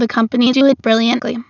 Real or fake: fake